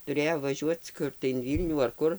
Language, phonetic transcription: Lithuanian, tuˈrėjo vaˈžiuoc ˈkur tai in ˈvylnių ar ˈkur

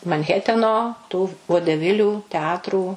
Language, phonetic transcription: Lithuanian, manˈheteno tų vodeˈvilių teˈatrų

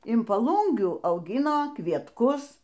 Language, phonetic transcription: Lithuanian, in paˈlūngių auˈgino kvietˈkus

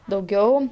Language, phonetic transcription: Lithuanian, dauˈgiau

